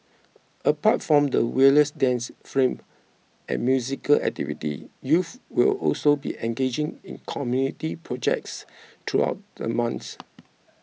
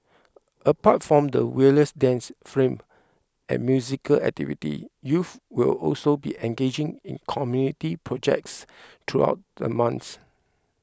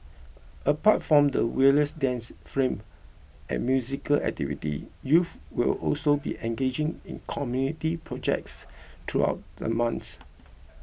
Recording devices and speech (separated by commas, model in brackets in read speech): mobile phone (iPhone 6), close-talking microphone (WH20), boundary microphone (BM630), read sentence